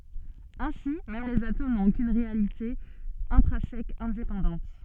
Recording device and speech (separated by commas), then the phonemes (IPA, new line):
soft in-ear microphone, read sentence
ɛ̃si mɛm lez atom nɔ̃t okyn ʁealite ɛ̃tʁɛ̃sɛk ɛ̃depɑ̃dɑ̃t